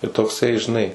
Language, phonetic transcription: Lithuanian, tai tokˈsai žiˈnai

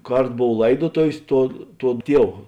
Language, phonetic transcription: Lithuanian, ˈkart ˈbov ˈlaidotovės ˈtuo ˈtuo ˈtiev

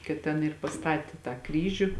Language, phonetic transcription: Lithuanian, kad ˈten ir paˈstatė tą ˈkryžiu

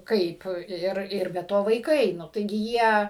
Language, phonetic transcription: Lithuanian, ˈkaip ˈir ir be ˈto vaiˈkai ˈnu taiˈgi ˈjie

